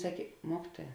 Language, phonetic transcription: Lithuanian, ˈsakė ˈmuokituoja

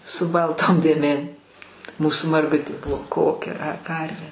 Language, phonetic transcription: Lithuanian, su ˈbalˌtom dėˈmėm ˈmūsu marˈgutė ˈbuvo ˈkokia a ˈkarvė

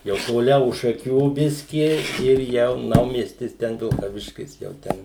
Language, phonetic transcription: Lithuanian, jau toˈliau už šaˈkių ˈbiski ir ˈjau ˈnaumiestis ˈten vilkaˈviškis jau ˈten

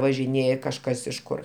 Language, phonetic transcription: Lithuanian, važiˈnėje kažˈkas iš ˈkur

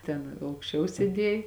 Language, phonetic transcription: Lithuanian, ˈten aukšˈčiau sėˈdiej

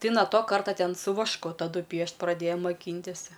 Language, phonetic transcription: Lithuanian, ˈtai na ˈto ˈkarta ˈten su vašˈku taˈdu ˈpiešt praˈdėja moˈkyntis'

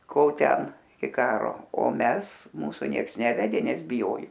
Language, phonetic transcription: Lithuanian, ˈkol ˈten i ˈkaro o ˈmes ˈmūsu ˈnieks ˈnevedė ˈnes biˈjoju

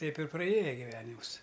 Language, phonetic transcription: Lithuanian, ˈteip ir praˈėja giˈvenimus

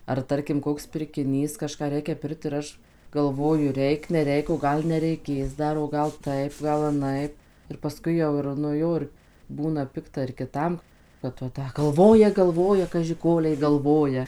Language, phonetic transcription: Lithuanian, ar ˈtarkim ˈkoks pirkiˈnys kaˈžką ˈreikia ˈpirkt ir ˈaš galˈvoju ˈreik neˈreik o ˈgal nereiˈkės ˈdar o ˈgal ˈtaip ˈgal aˈnaip ir paˈskui jau ir nu ˈjo ir ˈbūna ˈpikta ir kiˈtam kad va ˈta galˈvoja galˈvoja kaži ˈkolei galˈvoja

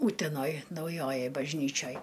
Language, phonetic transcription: Lithuanian, ˈūtenoj nauˈjojoj bažˈnyčioj

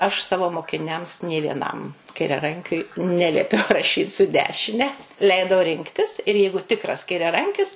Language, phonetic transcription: Lithuanian, aš ˈsavo mokiˈniams nė vieˈnam kairiaˈrankiui ˈneliepiau raˈšyt su ˈdešine ˈleidau ˈrinktis ir ˈjeigu ˈtikras kairiaˈrankis

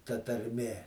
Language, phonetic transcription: Lithuanian, ta tarˈmė

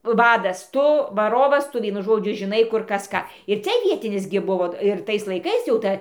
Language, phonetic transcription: Lithuanian, ˈvadas ˈtu vaˈrovas ˈtu ˈvienu ˈžodžiu žiˈnai ˈkur ˈkas ˈką ir ˈcia ˈvietinis gi ˈbuvo ir ˈtais laiˈkais jau ˈta

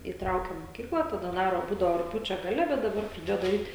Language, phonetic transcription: Lithuanian, įˈtraukiam moˈkykla taˈda ˈdaro ˈbūdao rugˈpjūčio gaˈle bet daˈbar praˈdėjo daˈryt

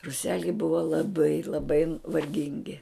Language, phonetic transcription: Lithuanian, ruˈseliai ˈbuva laˈbai laˈbai varˈgingi

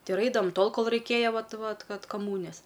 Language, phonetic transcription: Lithuanian, ˈtai ir ˈaidavam ˈtol ˈkol raiˈkėja ˈvat ˈvat ˈkad kaˈmūnijas

